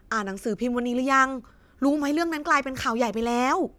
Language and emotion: Thai, happy